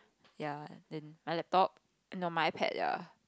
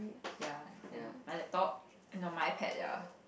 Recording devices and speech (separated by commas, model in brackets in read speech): close-talking microphone, boundary microphone, conversation in the same room